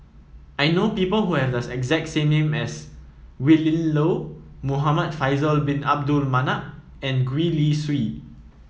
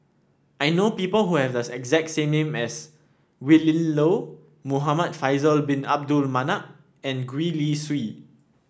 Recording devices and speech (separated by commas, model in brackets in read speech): mobile phone (iPhone 7), standing microphone (AKG C214), read sentence